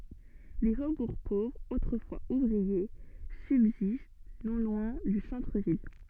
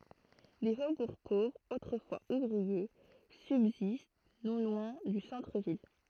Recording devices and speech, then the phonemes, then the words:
soft in-ear microphone, throat microphone, read sentence
de fobuʁ povʁz otʁəfwaz uvʁie sybzist nɔ̃ lwɛ̃ dy sɑ̃tʁəvil
Des faubourgs pauvres autrefois ouvriers subsistent non loin du centre-ville.

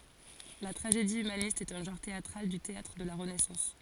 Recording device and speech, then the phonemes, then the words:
forehead accelerometer, read sentence
la tʁaʒedi ymanist ɛt œ̃ ʒɑ̃ʁ teatʁal dy teatʁ də la ʁənɛsɑ̃s
La tragédie humaniste est un genre théâtral du théâtre de la Renaissance.

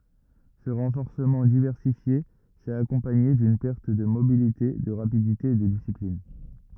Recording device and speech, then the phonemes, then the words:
rigid in-ear microphone, read sentence
sə ʁɑ̃fɔʁsəmɑ̃ divɛʁsifje sɛt akɔ̃paɲe dyn pɛʁt də mobilite də ʁapidite e də disiplin
Ce renforcement diversifié s'est accompagné d'une perte de mobilité, de rapidité et de discipline.

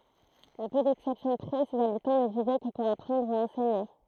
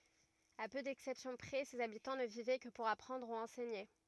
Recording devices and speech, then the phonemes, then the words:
throat microphone, rigid in-ear microphone, read sentence
a pø dɛksɛpsjɔ̃ pʁɛ sez abitɑ̃ nə vivɛ kə puʁ apʁɑ̃dʁ u ɑ̃sɛɲe
À peu d'exceptions près, ses habitants ne vivaient que pour apprendre ou enseigner.

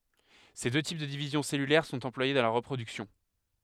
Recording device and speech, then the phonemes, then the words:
headset microphone, read sentence
se dø tip də divizjɔ̃ sɛlylɛʁ sɔ̃t ɑ̃plwaje dɑ̃ la ʁəpʁodyksjɔ̃
Ces deux types de division cellulaire sont employés dans la reproduction.

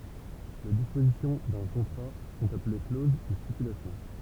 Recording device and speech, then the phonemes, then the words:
temple vibration pickup, read sentence
le dispozisjɔ̃ dœ̃ kɔ̃tʁa sɔ̃t aple kloz u stipylasjɔ̃
Les dispositions d'un contrat sont appelées clauses ou stipulations.

